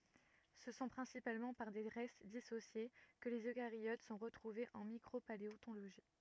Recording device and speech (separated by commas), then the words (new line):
rigid in-ear microphone, read sentence
Ce sont principalement par des restes dissociés que les eucaryotes sont retrouvés en micropaléontologie.